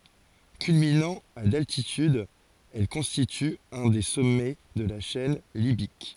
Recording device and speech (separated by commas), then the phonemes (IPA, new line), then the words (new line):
forehead accelerometer, read sentence
kylminɑ̃ a daltityd ɛl kɔ̃stity œ̃ de sɔmɛ də la ʃɛn libik
Culminant à d'altitude, elle constitue un des sommets de la chaîne Libyque.